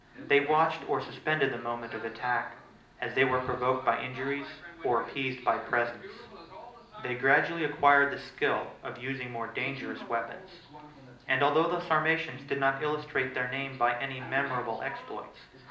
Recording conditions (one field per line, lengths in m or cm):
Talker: one person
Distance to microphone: 2.0 m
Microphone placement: close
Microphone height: 99 cm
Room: medium-sized (5.7 m by 4.0 m)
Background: television